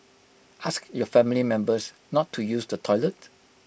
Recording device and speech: boundary microphone (BM630), read sentence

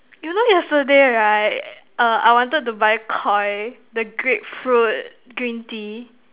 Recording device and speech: telephone, conversation in separate rooms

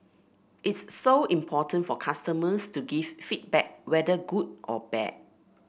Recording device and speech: boundary microphone (BM630), read sentence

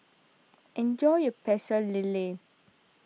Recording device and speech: mobile phone (iPhone 6), read sentence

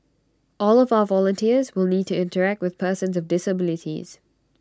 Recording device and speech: standing microphone (AKG C214), read sentence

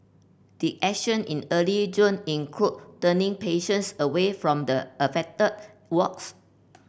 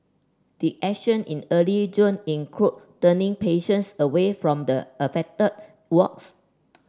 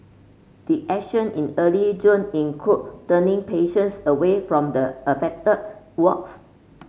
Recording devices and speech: boundary microphone (BM630), standing microphone (AKG C214), mobile phone (Samsung C5), read sentence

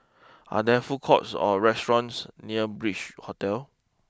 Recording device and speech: close-talking microphone (WH20), read sentence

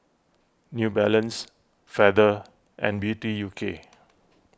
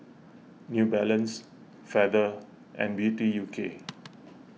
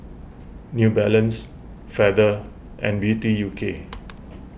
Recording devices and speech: close-talking microphone (WH20), mobile phone (iPhone 6), boundary microphone (BM630), read sentence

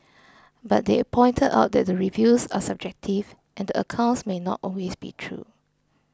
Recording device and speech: close-talking microphone (WH20), read sentence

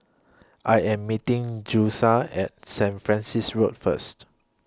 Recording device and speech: close-talking microphone (WH20), read sentence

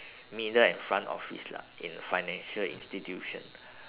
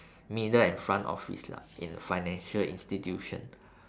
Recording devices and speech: telephone, standing microphone, conversation in separate rooms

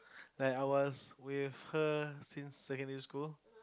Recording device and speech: close-talking microphone, conversation in the same room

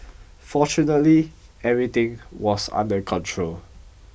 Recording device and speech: boundary microphone (BM630), read sentence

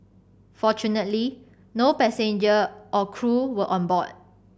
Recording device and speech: boundary microphone (BM630), read sentence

